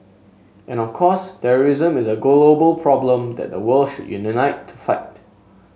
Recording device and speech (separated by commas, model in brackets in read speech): mobile phone (Samsung S8), read sentence